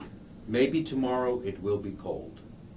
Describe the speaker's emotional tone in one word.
neutral